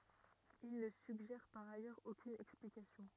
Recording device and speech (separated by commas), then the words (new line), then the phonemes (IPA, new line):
rigid in-ear microphone, read sentence
Il ne suggère par ailleurs aucune explication.
il nə syɡʒɛʁ paʁ ajœʁz okyn ɛksplikasjɔ̃